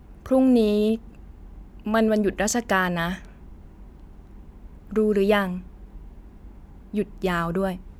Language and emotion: Thai, frustrated